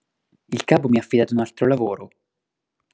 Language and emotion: Italian, neutral